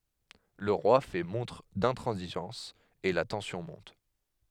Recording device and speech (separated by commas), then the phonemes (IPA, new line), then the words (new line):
headset microphone, read sentence
lə ʁwa fɛ mɔ̃tʁ dɛ̃tʁɑ̃ziʒɑ̃s e la tɑ̃sjɔ̃ mɔ̃t
Le roi fait montre d'intransigeance et la tension monte.